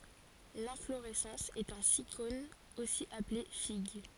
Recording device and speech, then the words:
forehead accelerometer, read sentence
L'inflorescence est un sycone, aussi appelé figue.

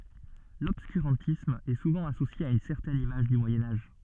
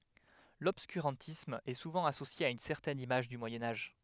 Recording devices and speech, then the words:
soft in-ear microphone, headset microphone, read sentence
L'obscurantisme est souvent associé à une certaine image du Moyen Âge.

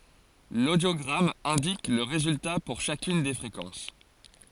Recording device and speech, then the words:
forehead accelerometer, read sentence
L'audiogramme indique le résultat pour chacune des fréquences.

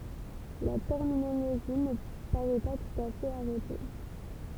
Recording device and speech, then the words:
temple vibration pickup, read sentence
La terminologie ne paraît pas tout à fait arrêtée.

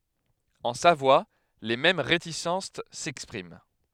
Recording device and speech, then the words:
headset microphone, read sentence
En Savoie, les mêmes réticences s'expriment.

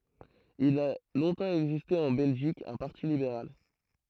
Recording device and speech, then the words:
throat microphone, read sentence
Il a longtemps existé en Belgique un Parti libéral.

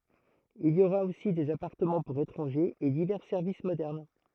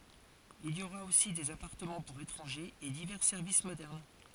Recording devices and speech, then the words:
throat microphone, forehead accelerometer, read sentence
Il y aura aussi des appartements pour étrangers et divers services modernes.

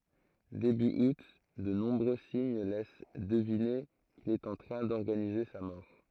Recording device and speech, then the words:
throat microphone, read sentence
Début août, de nombreux signes laissent deviner qu'il est en train d'organiser sa mort.

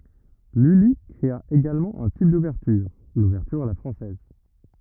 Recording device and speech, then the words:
rigid in-ear microphone, read sentence
Lully créa également un type d’ouverture, l’ouverture à la française.

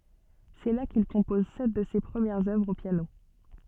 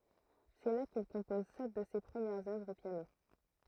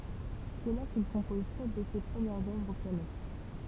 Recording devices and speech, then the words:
soft in-ear microphone, throat microphone, temple vibration pickup, read sentence
C'est là qu'il compose sept de ses premières œuvres au piano.

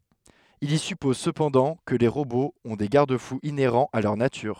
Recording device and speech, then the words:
headset microphone, read sentence
Il y suppose cependant que les robots ont des garde-fous inhérents à leur nature.

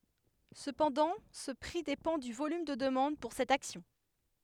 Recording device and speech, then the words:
headset microphone, read sentence
Cependant ce prix dépend du volume de demande pour cette action.

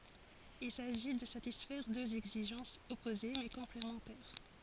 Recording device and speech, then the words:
forehead accelerometer, read sentence
Il s'agit de satisfaire deux exigences opposées mais complémentaires.

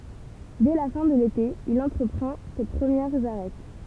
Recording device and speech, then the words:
temple vibration pickup, read sentence
Dès la fin de l'été, il entreprend ses premières Arêtes.

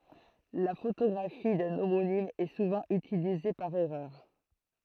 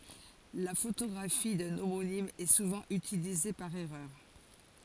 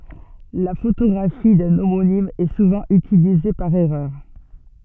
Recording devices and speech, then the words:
throat microphone, forehead accelerometer, soft in-ear microphone, read sentence
La photographie d'un homonyme est souvent utilisée par erreur.

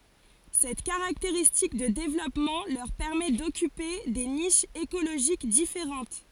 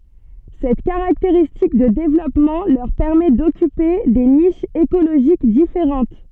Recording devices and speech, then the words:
forehead accelerometer, soft in-ear microphone, read sentence
Cette caractéristique de développement leur permet d'occuper des niches écologiques différentes.

